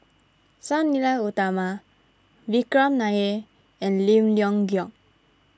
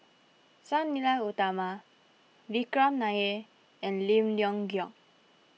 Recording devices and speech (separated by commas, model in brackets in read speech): standing microphone (AKG C214), mobile phone (iPhone 6), read sentence